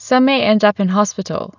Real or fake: real